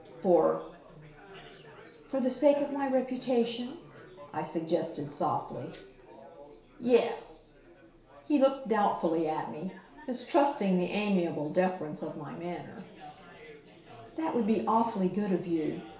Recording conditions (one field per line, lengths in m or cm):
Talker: one person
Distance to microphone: 1.0 m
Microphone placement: close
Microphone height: 1.1 m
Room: small (3.7 m by 2.7 m)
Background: babble